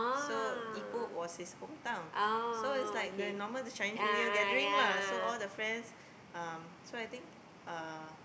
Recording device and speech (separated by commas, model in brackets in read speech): boundary microphone, conversation in the same room